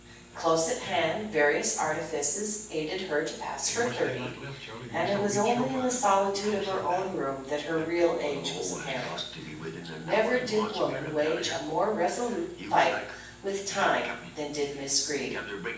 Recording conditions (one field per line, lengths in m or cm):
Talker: one person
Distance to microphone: 9.8 m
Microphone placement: far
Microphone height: 1.8 m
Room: large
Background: television